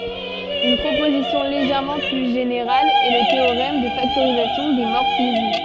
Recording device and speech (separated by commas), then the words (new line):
soft in-ear microphone, read sentence
Une proposition légèrement plus générale est le théorème de factorisation des morphismes.